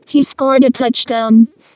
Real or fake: fake